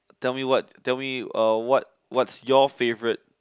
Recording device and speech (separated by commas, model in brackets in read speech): close-talking microphone, conversation in the same room